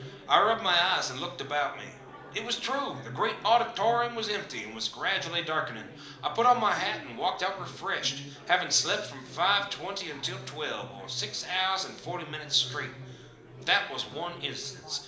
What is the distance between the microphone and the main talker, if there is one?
2.0 m.